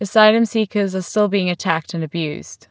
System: none